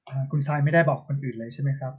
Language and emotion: Thai, neutral